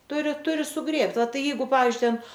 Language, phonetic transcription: Lithuanian, ˈturi ˈturi suˈgrėbt va ˈtai ˈjeigu ˈpavyzdžiui ˈten

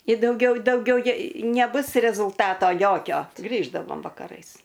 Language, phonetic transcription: Lithuanian, i dauˈgiau dauˈgiau ˈje neˈbus rezulˈtato ˈjokio ˈgrįždavom vakaˈrais

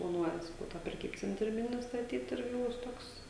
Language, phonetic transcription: Lithuanian, plaˈnuoja saˈkau tą preˈkybcentrį ˈmini staˈtyt ˈirgi ˈbus ˈtoks

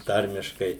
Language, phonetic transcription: Lithuanian, ˈtarmiškai

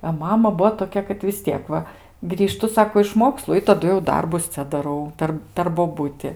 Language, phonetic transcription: Lithuanian, a ˈmama ˈbuvo toˈkia kad vis ˈtiek ˈva grįˈžtu ˈsako iš ˈmokslu i taˈdu jau ˈdarbus ˈcia daˈrau ˈper per boˈbuti

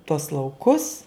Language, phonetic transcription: Lithuanian, tuos lauˈkus

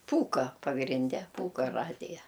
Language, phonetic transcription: Lithuanian, ˈpūka pagrinˈde ˈpūka ˈradija

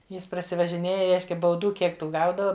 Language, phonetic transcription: Lithuanian, ˈjis prasivažiˈnėja ˈreiškia bauˈdų ˈkiek ˈtų ˈgaudava

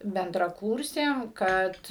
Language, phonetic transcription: Lithuanian, bendraˈkūrsėm ˈkad

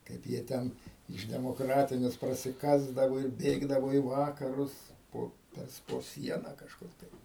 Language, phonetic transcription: Lithuanian, ˈkaip jie ˈten iš demoˈkratines prasiˈkasdavo ir ˈbėgdavo į ˈvakarus ˈpo ˈtas po ˈsiena kažˈkur tai

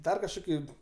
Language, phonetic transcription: Lithuanian, ˈdar kažˈkoki

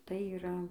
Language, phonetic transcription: Lithuanian, tai yˈra

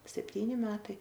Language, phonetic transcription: Lithuanian, sepˈtyni ˈmetai

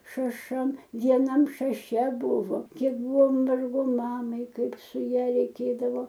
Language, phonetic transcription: Lithuanian, šaˈšam vieˈnam šaˈše ˈbuvo ˈkiek ˈbuvo ˈvargo ˈmamai ˈkaip su ˈja reiˈkėdavo

